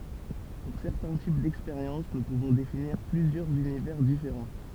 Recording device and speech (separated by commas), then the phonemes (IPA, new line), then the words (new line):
temple vibration pickup, read sentence
puʁ sɛʁtɛ̃ tip dɛkspeʁjɑ̃s nu puvɔ̃ definiʁ plyzjœʁz ynivɛʁ difeʁɑ̃
Pour certains types d'expériences, nous pouvons définir plusieurs univers différents.